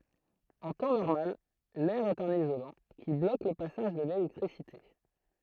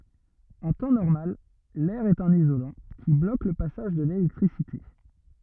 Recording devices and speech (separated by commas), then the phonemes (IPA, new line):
throat microphone, rigid in-ear microphone, read sentence
ɑ̃ tɑ̃ nɔʁmal lɛʁ ɛt œ̃n izolɑ̃ ki blok lə pasaʒ də lelɛktʁisite